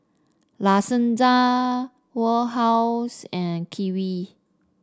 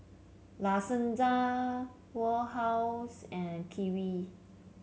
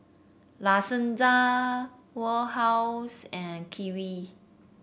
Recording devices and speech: standing microphone (AKG C214), mobile phone (Samsung C7), boundary microphone (BM630), read sentence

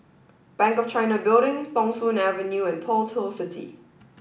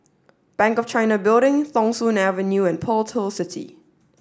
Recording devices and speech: boundary microphone (BM630), standing microphone (AKG C214), read sentence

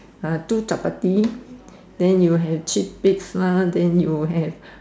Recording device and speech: standing microphone, conversation in separate rooms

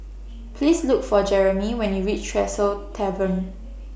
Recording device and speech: boundary microphone (BM630), read sentence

